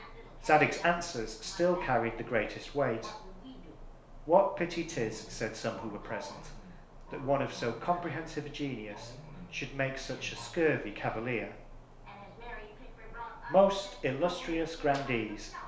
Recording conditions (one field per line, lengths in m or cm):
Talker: one person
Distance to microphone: 1.0 m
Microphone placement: close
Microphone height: 1.1 m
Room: small (3.7 m by 2.7 m)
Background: television